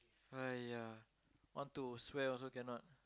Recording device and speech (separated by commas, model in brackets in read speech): close-talking microphone, conversation in the same room